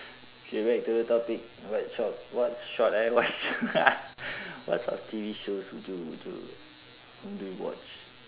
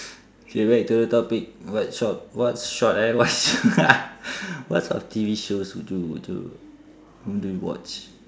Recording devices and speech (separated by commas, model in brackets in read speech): telephone, standing microphone, conversation in separate rooms